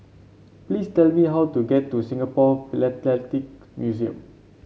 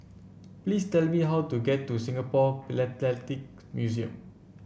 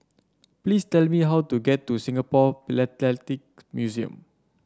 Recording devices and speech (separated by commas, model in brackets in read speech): mobile phone (Samsung C7), boundary microphone (BM630), standing microphone (AKG C214), read sentence